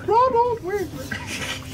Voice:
high-pitched